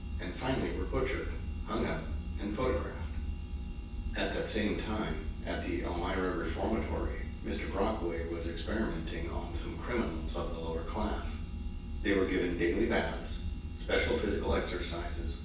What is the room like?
A sizeable room.